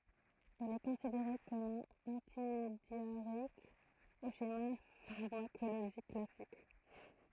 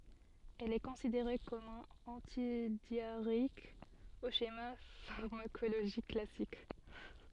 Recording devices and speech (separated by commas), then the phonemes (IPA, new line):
throat microphone, soft in-ear microphone, read sentence
ɛl ɛ kɔ̃sideʁe kɔm œ̃n ɑ̃tidjaʁeik o ʃema faʁmakoloʒik klasik